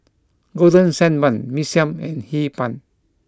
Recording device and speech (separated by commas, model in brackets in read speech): close-talking microphone (WH20), read sentence